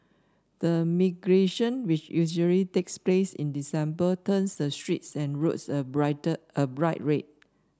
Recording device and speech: standing microphone (AKG C214), read sentence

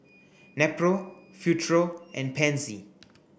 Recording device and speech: boundary microphone (BM630), read sentence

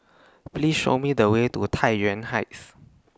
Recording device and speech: standing microphone (AKG C214), read sentence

